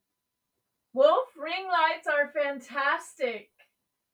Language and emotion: English, surprised